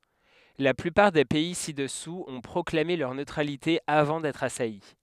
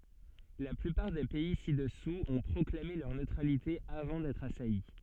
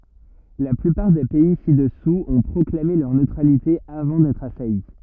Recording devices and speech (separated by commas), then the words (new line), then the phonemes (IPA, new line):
headset microphone, soft in-ear microphone, rigid in-ear microphone, read sentence
La plupart des pays ci-dessous ont proclamé leur neutralité avant d'être assaillis.
la plypaʁ de pɛi sidɛsuz ɔ̃ pʁɔklame lœʁ nøtʁalite avɑ̃ dɛtʁ asaji